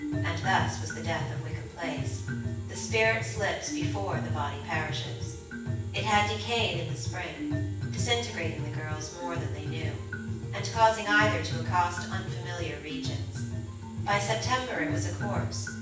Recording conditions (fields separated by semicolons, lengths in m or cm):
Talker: one person; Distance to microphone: 9.8 m; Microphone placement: far; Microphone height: 1.8 m; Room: large; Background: music